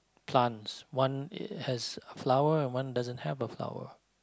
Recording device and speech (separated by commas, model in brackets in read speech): close-talking microphone, conversation in the same room